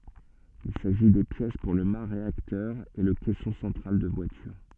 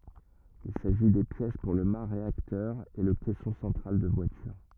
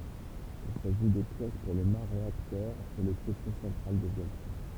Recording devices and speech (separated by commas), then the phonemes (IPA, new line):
soft in-ear microphone, rigid in-ear microphone, temple vibration pickup, read sentence
il saʒi de pjɛs puʁ lə ma ʁeaktœʁ e lə kɛsɔ̃ sɑ̃tʁal də vwalyʁ